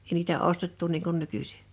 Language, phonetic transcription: Finnish, èi niitä "ostettu niiŋ kun 'nykysɪ .
- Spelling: ei niitä ostettu niin kuin nykyisin

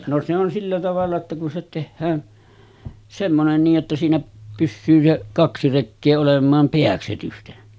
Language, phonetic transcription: Finnish, no se ‿on 'sillä tavalla ‿tta kun se 'tehhään , 'semmonen nii’ ’että siinä pyssyy se , 'kaksi rekkee olem̆maam 'peäksetysten .
- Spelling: no se on sillä tavalla jotta kun se tehdään semmoinen niin että siinä pysyy se kaksi rekeä olemaan pääksetysten

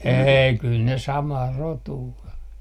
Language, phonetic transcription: Finnish, "eei 'kyl ne 'samaa rotuu o .
- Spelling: ei kyllä ne samaa rotua on

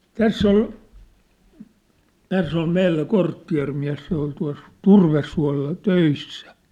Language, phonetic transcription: Finnish, täss ‿ol , 'täss ‿ol 'meillä 'korttia̭rmiä̭s se ‿ol tua̭s , "turvessua̭lla , "töissä .
- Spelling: tässä oli tässä oli meillä kortteerimies se oli tuossa turvesuolla töissä

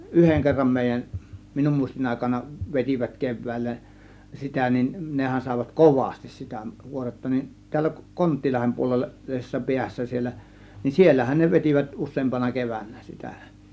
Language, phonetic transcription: Finnish, ˀyheŋ kerram 'mèij̆jä(n) , 'minum 'mùistin àėkana , 'vet͕ivät 'kev̆vä̀illä , 'sitä nin , 'nehän sàėvat "kovastis sitä 'kuoretta nin , tiällä 'kon- , 'Kont̆'tilahem puolella , -lisessa 'piässä siellä , ni "siellähän ne 'vetivät 'us̆seempana 'kevännä sitä .
- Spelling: yhden kerran meidän minun muistin aikana vetivät keväällä sitä niin nehän saivat kovasti sitä kuoretta niin täällä - Konttilahden puolella puolisessa päässä siellä niin siellähän ne vetivät useampana keväänä sitä

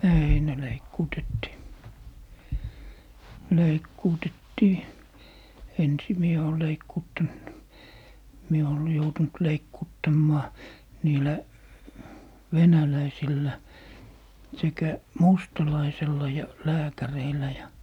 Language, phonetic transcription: Finnish, "ei ne 'leikkuutettii , 'leikkuutettii , "ensi mie oo 'leikkuuttant , 'mie ool- , joutunt 'leikkuuttammaa , 'niilä , "venäläisillä , sekä , "mustalaisella ja "lääkäreillä ja ,.
- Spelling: ei ne leikkuutettiin leikkuutettiin ensin minä olen leikkuuttanut minä olen joutunut leikkuuttamaan niillä venäläisillä sekä mustalaisella ja lääkäreillä ja

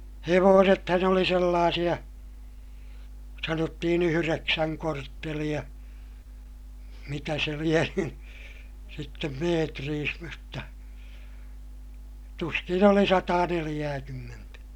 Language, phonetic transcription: Finnish, hevoosethan ‿oli sellaasiʲa , sanottihin ‿yhyreksäŋ kortteliʲa , mitä se lie (ny) , sittem meetriis mutta , tuskin ‿oli sataaneliʲääkymmentä .
- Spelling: hevosethan oli sellaisia sanottiin yhdeksän korttelia mitä se lie nyt sitten metreissä mutta tuskin oli sataaneljääkymmentä

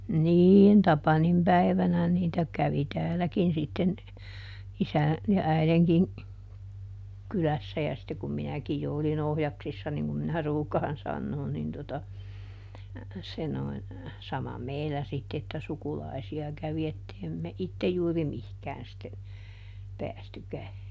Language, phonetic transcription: Finnish, ˈniin ˈTapanim ˈpäi̮vänä niitä kävi "tääläkin sitten , ˈisän , ja "äileŋkiŋ , ˈkylässä ja sitte kum ˈminäkij jo oli"n ‿ohjaksissa niŋ kum minä ˈruukaan ˈsannoon nin tota , se noin , sama "meillä sitt ‿että ˈsukulaisi₍a ˈkävi ettei me ˈittej juuri "mihkään sitte , ˈpäästykä .
- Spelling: niin Tapanin päivänä niitä kävi täälläkin sitten isän ja äidinkin kylässä ja sitten kun minäkin jo olin ohjaksissa niin kuin minä ruukaan sanoa niin tuota se noin sama meillä sitten että sukulaisia kävi että ei me itse juuri mihinkään sitten päästykään

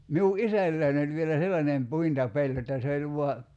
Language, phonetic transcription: Finnish, 'miu "’isälläin ‿oĺ vielä 'sellanem 'puinta"peĺ jotta se oĺ vua ,.
- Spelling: minun isälläni oli vielä sellainen puintipeli jotta se oli vain

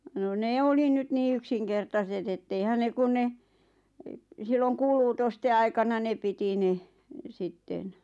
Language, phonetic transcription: Finnish, no 'nee oli 'nyt nii "yksiŋkertaset ‿et'teihän 'ne kun 'ne , silloŋ "kuuluutoste 'aikana 'ne piti ne , 'sitten .
- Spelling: no ne oli nyt niin yksinkertaiset että eihän ne kun ne silloin kuulutusten aikana ne piti ne sitten

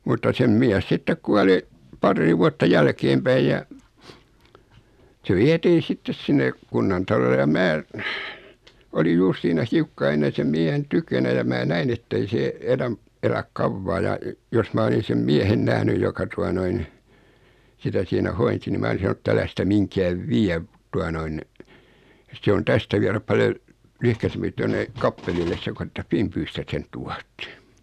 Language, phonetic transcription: Finnish, mutta sem 'miäs sittek 'kuali , 'parrii vuatta 'jälkeempäij ja , se 'vie̳tii 'sittes sinne , "kunnantalole ja 'mää , oli 'juur siinä 'hiukkaa 'ennen̬ sem 'mie̳hen "tykönä ja mää 'näin ‿ettei 'see , 'eläm , 'eläk "kavvaa ja , jos ma 'olisin sem 'miɛhen 'nähnyj joka tua noin , sitä sinä 'hoinsi ni 'mää olisin̬ 'san ‿ᵉt't‿ » älä sitä 'miŋkääv "viä , tua noin , 'se on 'tästä vieräp 'paljo 1- , '1yhkäsempi tuanne , 'kappelilles se ko että "Fimpyystä sen 'tuattᴇ « .
- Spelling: mutta sen mies sitten kuoli paria vuotta jälkeenpäin ja se vietiin sitten sinne kunnantalolle ja minä olin juuri siinä hiukkaa ennen sen miehen tykönä ja minä näin että ei se elä elä kauaa ja jos minä olisin sen miehen nähnyt joka tuota noin sitä siinä hoiti niin minä olisin sanonut että älä sitä mihinkään vie tuota noin se on tästä viedä paljon - lyhkäisempi tuonne kappelille se kuin että Finbystä sen tuotte

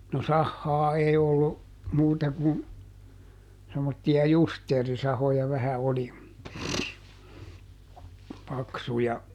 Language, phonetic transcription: Finnish, no "sahhaa ˈei ollu , ˈmuuta kun , semmotti₍a "justeerisahoja vähä ˈoli , ˈpaksuja .
- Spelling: no sahaa ei ollut muuta kuin semmoisia justeerisahoja vähän oli paksuja

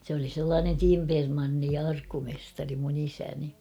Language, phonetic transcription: Finnish, sᵉ ‿oli sellaanen "timpermanni ja 'arkkumestari mun 'isäni .
- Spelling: se oli sellainen timpermanni ja arkkumestari minun isäni

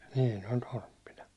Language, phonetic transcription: Finnish, nii , ne oĺ 'torppina .
- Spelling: niin ne oli torppina

